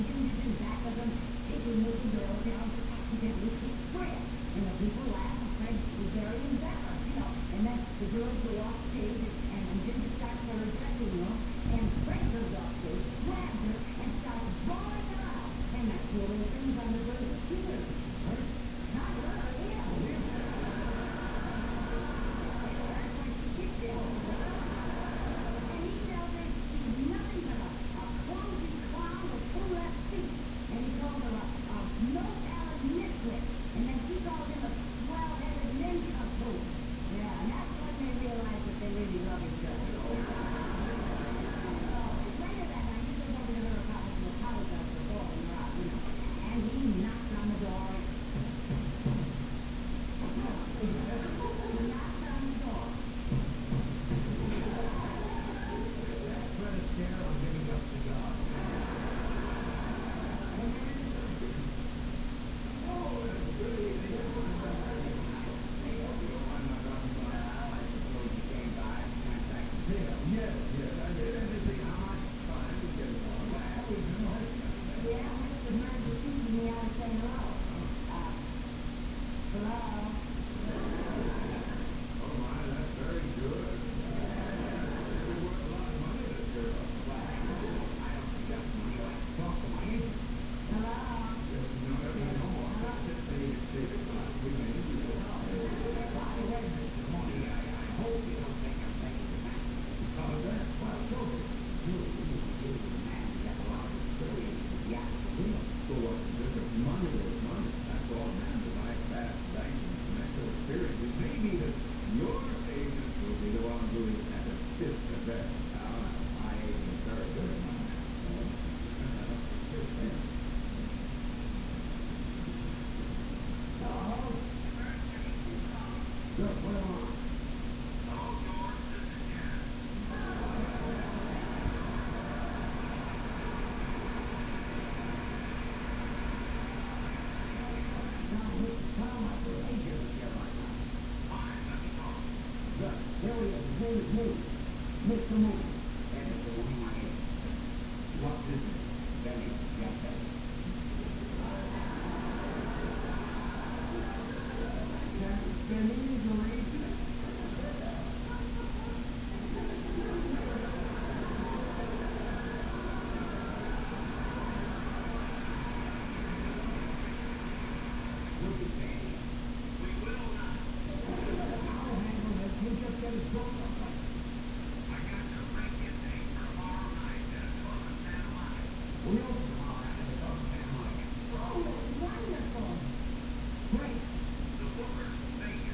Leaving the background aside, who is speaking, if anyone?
No one.